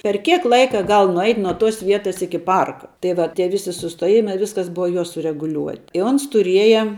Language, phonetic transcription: Lithuanian, per ˈkiek ˈlaika ˈgal nuˈeit' nuo tos ˈvietas ˈiki ˈparka tai ˈva tie ˈvisi sustuoˈjimai ˈviskas ˈbuva ˈjo sureguˈliuoti i ˈons tuˈrieja

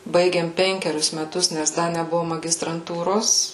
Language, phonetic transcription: Lithuanian, ˈbaigėm ˈpenkerius meˈtus nes ˈda neˈbuvo magistranˈtūros

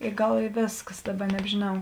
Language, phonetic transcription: Lithuanian, i ˈgal i ˈvėskas ˈdaˌba nebžėˈnau

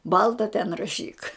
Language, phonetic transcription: Lithuanian, ˈbalta ten raˈšyk

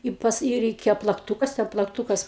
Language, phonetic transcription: Lithuanian, ˈi pas ˈy reiˈkėjo plakˈtūkas ten plakˈtūkas

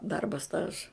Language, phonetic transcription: Lithuanian, ˈdarba ˈstaža

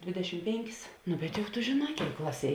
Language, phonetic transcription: Lithuanian, ˈdvėdeˌšim ˈpėnˌkis nu bet juk tu žėˈnā ˈkėik ˈklaˌsie

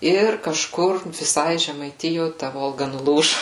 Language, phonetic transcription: Lithuanian, ˈir kažˈkur viˈsai žemaiˈtijo ta ˈvolga nuˈlūžu

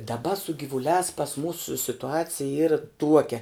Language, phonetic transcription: Lithuanian, daˈba su givuˈliās pas ˈmūsu situˈacija ˈyra ˈtuokia

